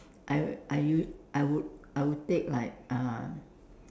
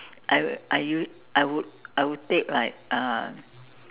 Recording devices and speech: standing microphone, telephone, conversation in separate rooms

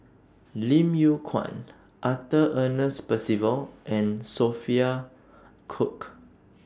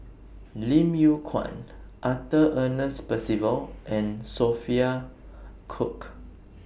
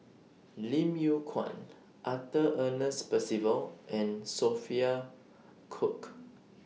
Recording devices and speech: standing microphone (AKG C214), boundary microphone (BM630), mobile phone (iPhone 6), read sentence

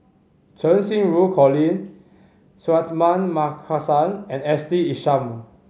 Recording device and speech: mobile phone (Samsung C5010), read sentence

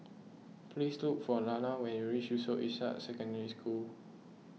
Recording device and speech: mobile phone (iPhone 6), read sentence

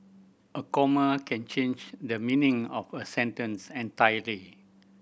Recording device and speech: boundary microphone (BM630), read sentence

